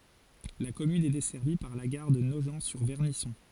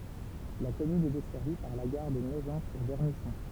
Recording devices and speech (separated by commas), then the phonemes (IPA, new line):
forehead accelerometer, temple vibration pickup, read sentence
la kɔmyn ɛ dɛsɛʁvi paʁ la ɡaʁ də noʒɑ̃tsyʁvɛʁnisɔ̃